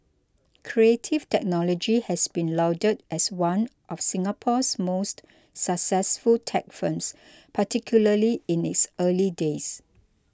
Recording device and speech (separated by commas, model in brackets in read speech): close-talking microphone (WH20), read sentence